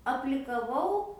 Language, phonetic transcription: Lithuanian, aplikaˈvau

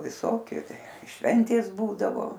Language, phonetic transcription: Lithuanian, viˈsokiu ˈšventės ˈbūdavo

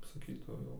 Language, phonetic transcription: Lithuanian, saˈkytau jau

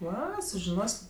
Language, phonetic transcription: Lithuanian, ˈva sužiˈnos'

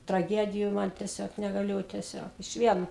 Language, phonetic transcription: Lithuanian, traˈgediju ˈman teˈsiog negaˈliu teˈsiog išˈvien

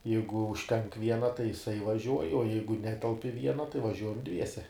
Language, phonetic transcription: Lithuanian, ˈjeigu užˈtenk ˈviena tai jiˈsai vaˈžiuoj o ˈjeigu ˈnetelp i ˈviena tai vaˈžiuojam ˈdviese

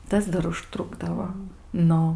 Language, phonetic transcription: Lithuanian, ˈtas dar užˈtrukdavo ˈnu

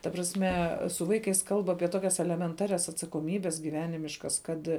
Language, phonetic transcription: Lithuanian, ta prasˈme su ˈvaikais kalb ˈapie ˈtokias elemenˈtarias atsakoˈmybes gyˈvenimiškas ˈkad

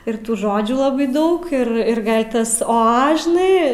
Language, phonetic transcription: Lithuanian, ir ˈtų ˈžodžių laˈbai ˈdaug ˈir ir ˈgal' ˈtas ˈo ˈa žiˈnai

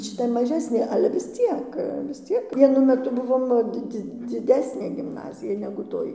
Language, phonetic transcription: Lithuanian, šiˈta maˈžesnė ˈale vis ˈciek vis ˈciek vieˈnu meˈtu ˈbuvom ˈdi ˈdzi dziˈdesnė gimˈnazija negu ˈtoj

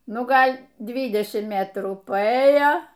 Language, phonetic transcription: Lithuanian, ˈnu ˈgal' ˈdvydešimt ˈmetrų paˈėjo

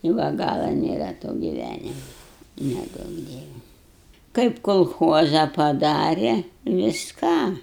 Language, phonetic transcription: Lithuanian, i ˈva ˈgala nėˈra to giˈvænima neˈduok ˈdieve kaip kolˈchuoza paˈdare visˈką

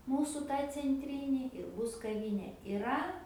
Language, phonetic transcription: Lithuanian, ˈmūsu ˈtą cenˈtryni ir ˈbus kaˈvynė iˈra

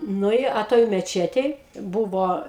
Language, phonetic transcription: Lithuanian, ˈnu i a ˈtoj meˈčetėj ˈbūvo

